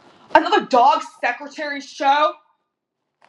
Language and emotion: English, angry